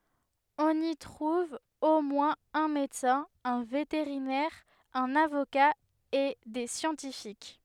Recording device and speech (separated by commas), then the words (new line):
headset microphone, read sentence
On y trouve au moins un médecin, un vétérinaire, un avocat et des scientifiques.